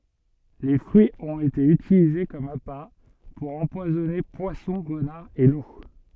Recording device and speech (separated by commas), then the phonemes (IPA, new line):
soft in-ear microphone, read sentence
le fʁyiz ɔ̃t ete ytilize kɔm apa puʁ ɑ̃pwazɔne pwasɔ̃ ʁənaʁz e lu